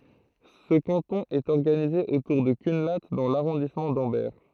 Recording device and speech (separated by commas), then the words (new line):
throat microphone, read sentence
Ce canton est organisé autour de Cunlhat dans l'arrondissement d'Ambert.